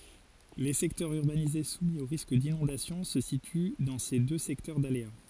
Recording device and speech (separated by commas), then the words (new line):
forehead accelerometer, read sentence
Les secteurs urbanisés soumis au risque d’inondation se situent dans ces deux secteurs d’aléas.